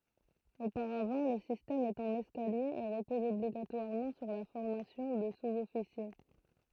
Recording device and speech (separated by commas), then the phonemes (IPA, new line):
throat microphone, read sentence
opaʁavɑ̃ lə sistɛm ɛt ɑ̃n ɛskalje e ʁəpɔz ɔbliɡatwaʁmɑ̃ syʁ la fɔʁmasjɔ̃ də suzɔfisje